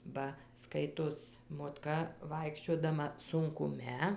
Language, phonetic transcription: Lithuanian, ˈba ˈskaitos motˈka ˈvaikščiodama sunkuˈme

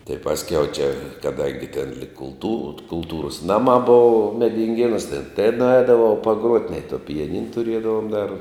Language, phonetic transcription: Lithuanian, tai ˈpasˌkiau ˈčia kaˈdangi ten lyg kulˈtūr kulˈtūros ˈnaˌmā ˈbuvu medinˈgėnūs ten tai nuˈaidavau paˈgruot' nei to pijaˈnin tuˈriedavom dar

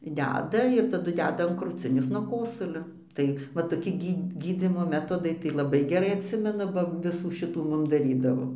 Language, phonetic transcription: Lithuanian, ˈdeda ir taˈdu ˈdeda an kruˈcinės nuo ˈkosulio ˈtai va toˈki ˈgy gyˈdzymo ˈmetodai tai laˈbai geˈrai atˈsimenu ˈba ˈvisų ˈšitų ˈmum daˈrydavo

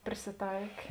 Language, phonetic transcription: Lithuanian, prisiˈtaikė

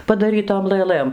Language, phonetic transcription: Lithuanian, padaˈrytom lɘˈlɘm

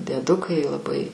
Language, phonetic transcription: Lithuanian, dieˈdukai laˈbai

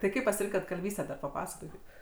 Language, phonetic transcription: Lithuanian, tai ˈkaip pasiˈrinkat kalˈvystę dar paˈpasakokit

